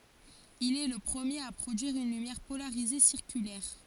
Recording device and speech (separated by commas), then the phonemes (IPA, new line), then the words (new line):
forehead accelerometer, read sentence
il ɛ lə pʁəmjeʁ a pʁodyiʁ yn lymjɛʁ polaʁize siʁkylɛʁ
Il est le premier à produire une lumière polarisée circulaire.